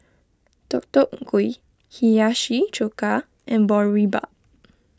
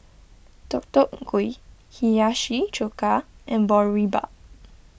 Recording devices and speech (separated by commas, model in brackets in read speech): close-talking microphone (WH20), boundary microphone (BM630), read sentence